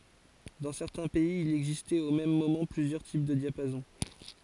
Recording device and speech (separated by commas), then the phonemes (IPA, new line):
forehead accelerometer, read sentence
dɑ̃ sɛʁtɛ̃ pɛiz il ɛɡzistɛt o mɛm momɑ̃ plyzjœʁ tip də djapazɔ̃